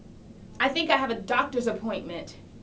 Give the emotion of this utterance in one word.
angry